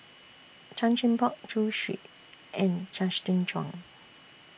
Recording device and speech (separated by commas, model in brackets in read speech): boundary microphone (BM630), read sentence